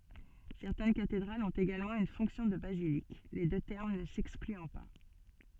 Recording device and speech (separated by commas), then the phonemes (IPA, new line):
soft in-ear microphone, read sentence
sɛʁtɛn katedʁalz ɔ̃t eɡalmɑ̃ yn fɔ̃ksjɔ̃ də bazilik le dø tɛʁm nə sɛksklyɑ̃ pa